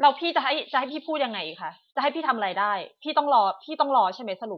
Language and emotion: Thai, angry